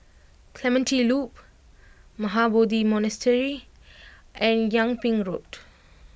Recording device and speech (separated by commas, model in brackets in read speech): boundary microphone (BM630), read sentence